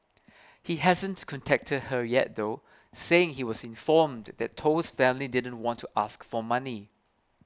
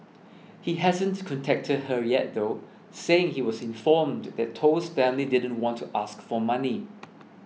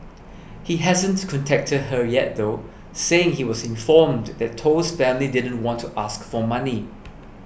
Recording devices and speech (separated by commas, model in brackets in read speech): close-talking microphone (WH20), mobile phone (iPhone 6), boundary microphone (BM630), read sentence